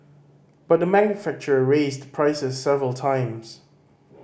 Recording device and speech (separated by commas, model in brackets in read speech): boundary microphone (BM630), read sentence